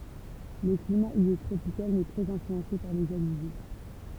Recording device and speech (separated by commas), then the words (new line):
temple vibration pickup, read sentence
Le climat y est tropical mais très influencé par les alizés.